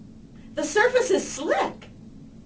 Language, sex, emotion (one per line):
English
female
neutral